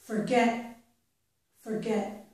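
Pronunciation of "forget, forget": In 'forget, forget', the t at the end is unreleased. There is no strong puff of air, and the t sounds unfinished, as if it just stops.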